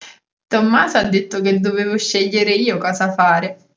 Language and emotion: Italian, happy